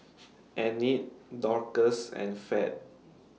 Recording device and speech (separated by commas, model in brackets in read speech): mobile phone (iPhone 6), read sentence